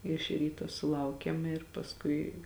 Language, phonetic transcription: Lithuanian, iš ˈryto suˈlaukėm ir pasˈkui

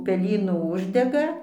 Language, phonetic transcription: Lithuanian, peˈlynų ˈuždega

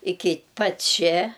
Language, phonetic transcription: Lithuanian, ˈiki pat' ˈčia

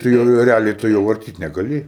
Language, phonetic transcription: Lithuanian, tai jau ˈjo reˈaliai tu ˈjo varˈtyt negaˈli

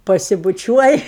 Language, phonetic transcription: Lithuanian, pasibuˈčiuoj

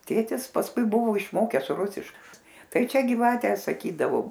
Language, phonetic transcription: Lithuanian, ˈtėtis pasˈkui ˈbuvo išˈmokes ˈrusišk ˈtai ˈčia giˈvate saˈkydavo

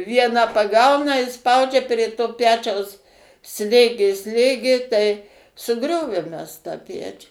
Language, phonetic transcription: Lithuanian, ˈvieną paˈgauna i ˈspaudžia prė to ˈpečiaus ˈslėgė ˈslėgė tai suˈgriovėm ˈmes tą ˈpečių

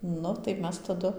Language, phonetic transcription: Lithuanian, ˈnu tai ˈmes taˈdu

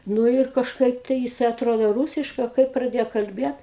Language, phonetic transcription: Lithuanian, ˈnu ir kažˈkaip tai jiˈsai atˈrodo ˈrūsiškai a ˈkaip praˈdėjo kalˈbiet

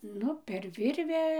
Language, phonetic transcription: Lithuanian, ˈnu per ˈvirvę

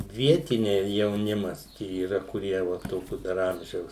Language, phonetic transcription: Lithuanian, ˈvietiniai jauˈnimas ˈčia yˈra kuˈrie va ˈtokiu dar ˈamžiaus

